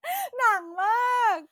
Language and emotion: Thai, happy